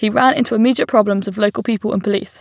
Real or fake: real